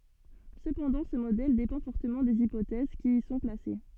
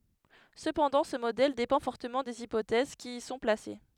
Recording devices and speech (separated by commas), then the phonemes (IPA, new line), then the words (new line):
soft in-ear microphone, headset microphone, read sentence
səpɑ̃dɑ̃ sə modɛl depɑ̃ fɔʁtəmɑ̃ dez ipotɛz ki i sɔ̃ plase
Cependant, ce modèle dépend fortement des hypothèses qui y sont placées.